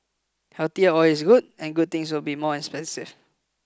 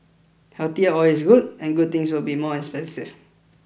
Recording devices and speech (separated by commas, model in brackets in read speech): close-talking microphone (WH20), boundary microphone (BM630), read sentence